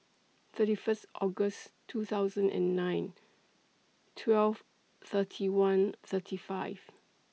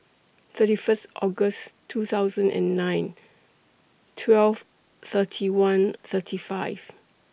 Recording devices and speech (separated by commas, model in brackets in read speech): mobile phone (iPhone 6), boundary microphone (BM630), read sentence